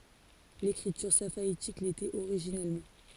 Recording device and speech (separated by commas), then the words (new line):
forehead accelerometer, read sentence
L'écriture safaïtique l'était originellement.